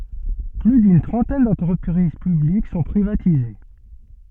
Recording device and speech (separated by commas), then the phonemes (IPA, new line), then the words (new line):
soft in-ear microphone, read sentence
ply dyn tʁɑ̃tɛn dɑ̃tʁəpʁiz pyblik sɔ̃ pʁivatize
Plus d'une trentaine d'entreprises publiques sont privatisées.